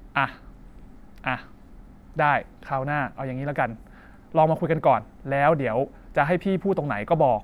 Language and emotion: Thai, frustrated